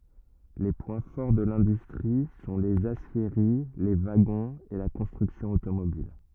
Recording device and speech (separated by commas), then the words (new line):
rigid in-ear microphone, read sentence
Les points forts de l'industrie sont les aciéries, les wagons et la construction automobile.